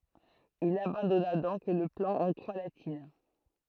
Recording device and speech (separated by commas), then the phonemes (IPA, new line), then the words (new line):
throat microphone, read sentence
il abɑ̃dɔna dɔ̃k lə plɑ̃ ɑ̃ kʁwa latin
Il abandonna donc le plan en croix latine.